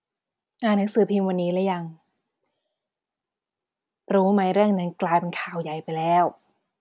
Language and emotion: Thai, neutral